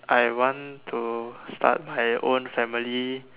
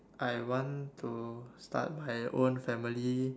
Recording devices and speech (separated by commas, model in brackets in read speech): telephone, standing microphone, conversation in separate rooms